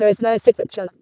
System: VC, vocoder